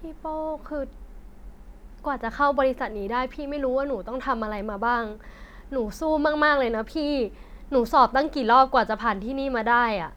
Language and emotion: Thai, frustrated